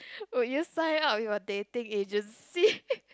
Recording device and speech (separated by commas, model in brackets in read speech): close-talking microphone, conversation in the same room